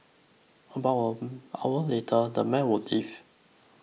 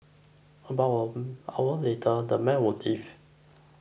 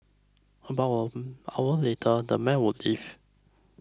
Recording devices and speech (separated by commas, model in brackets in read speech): mobile phone (iPhone 6), boundary microphone (BM630), close-talking microphone (WH20), read sentence